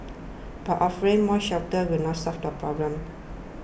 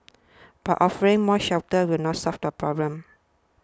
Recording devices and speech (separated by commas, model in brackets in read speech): boundary microphone (BM630), standing microphone (AKG C214), read sentence